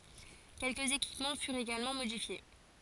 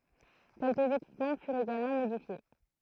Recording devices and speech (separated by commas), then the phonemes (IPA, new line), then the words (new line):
forehead accelerometer, throat microphone, read sentence
kɛlkəz ekipmɑ̃ fyʁt eɡalmɑ̃ modifje
Quelques équipements furent également modifiés.